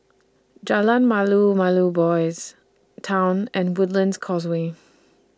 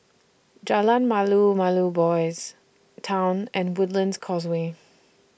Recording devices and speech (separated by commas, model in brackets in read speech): standing microphone (AKG C214), boundary microphone (BM630), read sentence